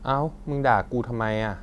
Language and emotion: Thai, frustrated